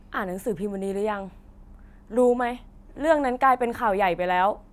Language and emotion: Thai, angry